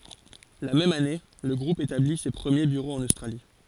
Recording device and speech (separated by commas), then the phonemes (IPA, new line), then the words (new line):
forehead accelerometer, read sentence
la mɛm ane lə ɡʁup etabli se pʁəmje byʁoz ɑ̃n ostʁali
La même année, le groupe établit ses premiers bureaux en Australie.